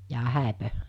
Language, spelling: Finnish, jaa häitä
- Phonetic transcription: jaa 'hä̀epö ?

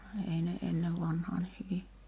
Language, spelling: Finnish, ei ne ennen vanhaan niin hyvin
- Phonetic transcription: 'ei ne , 'ennev vanhaa ni hyvi ,.

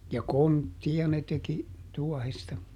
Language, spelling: Finnish, ja kontteja ne teki tuohesta
- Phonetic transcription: ja "konttiʲa ne teki , ˈtuɔhesta .

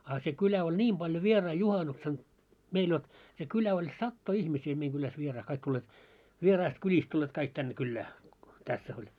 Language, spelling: Finnish, a se kyllä oli niin paljon vieraita juhannuksena meillä jotta se kylä oli satoja ihmisiä meidän kylässä vieraita kaikki tulleet vieraista kylistä tulleet kaikki tänne kylään tässä oli
- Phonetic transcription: 'á se 'kylä oĺ "ńiim ʙaljo 'vierai "juhanuksen , 'meil jot , se 'kylä oĺ "sattoi 'ihmisii 'meiŋ ɢyläs vierai 'kaik t́ulleet , 'vieraist 'kyĺist tulleet kaik 'tänne 'kyllää , tässᵃ̈ ‿oĺ .

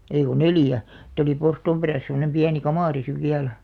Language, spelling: Finnish, ei kun neljä sitten oli porstuan perässä semmoinen pieni kamari sitten vielä
- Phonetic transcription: 'ei ko "neljä , [si]t ‿oli 'porstoom 'perä̀s semᵒnem 'piäni "kamàri siv 'viälᴀ̈ .

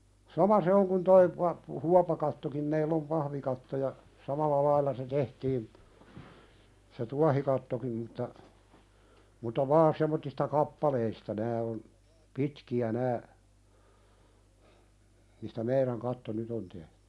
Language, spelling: Finnish, sama se on kuin tuo - huopakattokin meillä on pahvikatto ja samalla lailla se tehtiin se tuohikattokin mutta mutta vain semmoisista kappaleista nämä on pitkiä nämä mistä meidän katto nyt on tehty
- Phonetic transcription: sama 'se oŋ kun toi pa- , "huapakattokim meill ‿om "pahvikatto ja , 'samal̆la lailla se "tehtiin , se "tuahikattokim mutta , muta "vaan sem̆mottista "kappaleista 'nää on , "pitki₍ä nää , mistä "meiðäŋ 'katto "nyt ‿on tehtʏ .

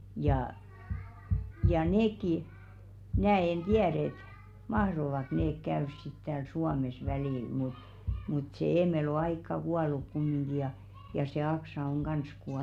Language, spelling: Finnish, ja ja nekin minä en tiedä että mahtoivatko ne käydä sitten täällä Suomessa välillä mutta mutta se Eemeli on aikaa kuollut kumminkin ja ja se Aksa on kanssa kuollut
- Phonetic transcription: jà , ja 'neekki , 'mnää en "tiäð ‿et , "mahrovak neek 'käörs sit tääl 'Suames välìl mut , mut sè "Eemel ‿o 'aikka "kualuk kummiŋɢi ja , ja se 'Aksa on "ɢans kualu .

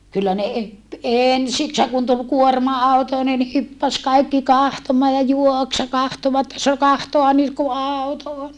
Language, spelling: Finnish, kyllä ne - ensiksihän kun tuli kuorma-auto niin ne hyppäsi kaikki katsomaan ja juoksi ja katsoivat sanoi katsoa nyt kun auto on
- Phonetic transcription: kyllä ne e- , ènsikshäŋ kun tul kuorma₍àuto ni ne hyppäs kaikki kahtomaa ja juoks ja kahtovat , sa » kahtoa nyt ku àuto on !

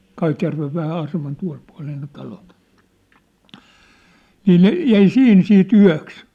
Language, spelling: Finnish, Kaitjärven vähän aseman tuolle puolen ne talot niin ne jäi siihen sitten yöksi
- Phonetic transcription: 'Kaitjärvev vähä 'aseman 'tua̭l pua̭lee ne 'talot , 'nii ne 'jäi "siʰin sii't ‿yä̭ks .

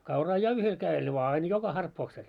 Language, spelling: Finnish, kauraa ja yhdellä kädellä vain aina joka harppauksella
- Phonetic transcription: 'kauraa "ja 'yhel kä₍el vaa ain "joka 'harppooksel .

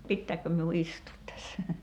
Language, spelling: Finnish, pitääkö minun istua tässä
- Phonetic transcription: 'pittääkkö miu "istuut tässä ?

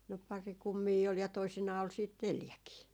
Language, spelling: Finnish, no pari kummia oli ja toisinaan oli sitten neljäkin
- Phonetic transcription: no 'pari 'kummii ol ja 'toisinaa ol siit "neljäkii .

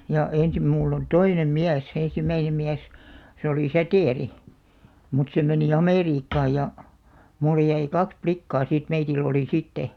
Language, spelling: Finnish, ja ensin minulla on toinen mies ensimmäinen mies se oli Säteri mutta se meni Amerikkaan ja minulle jäi kaksi likkaa sitten meillä oli sitten
- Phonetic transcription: ja , 'ènsim mull ‿on "toinem 'miäs , 'ensim̆§mäinem 'miäs , se oli "Sätèri , mut se meni "Amèriikkaa ja , 'mulle jäi 'kaks "plikkaa sìt 'meitill ‿olì 'sitte .

